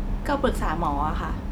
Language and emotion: Thai, neutral